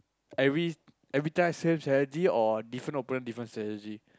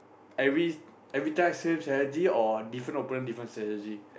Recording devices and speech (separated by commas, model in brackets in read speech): close-talking microphone, boundary microphone, conversation in the same room